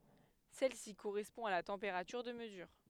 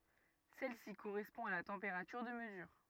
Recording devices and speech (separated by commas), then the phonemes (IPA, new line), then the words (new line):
headset microphone, rigid in-ear microphone, read sentence
sɛl si koʁɛspɔ̃ a la tɑ̃peʁatyʁ də məzyʁ
Celle-ci correspond à la température de mesure.